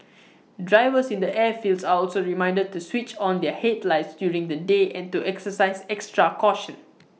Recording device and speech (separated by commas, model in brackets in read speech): mobile phone (iPhone 6), read sentence